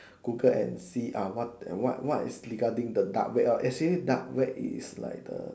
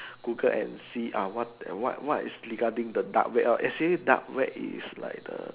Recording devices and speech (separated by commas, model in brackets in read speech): standing microphone, telephone, conversation in separate rooms